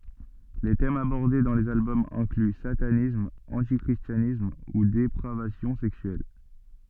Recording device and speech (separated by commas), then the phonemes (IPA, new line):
soft in-ear microphone, read sentence
le tɛmz abɔʁde dɑ̃ lez albɔmz ɛ̃kly satanism ɑ̃ti kʁistjanism u depʁavasjɔ̃ sɛksyɛl